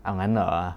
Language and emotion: Thai, neutral